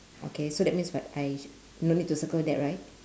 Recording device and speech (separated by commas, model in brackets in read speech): standing microphone, conversation in separate rooms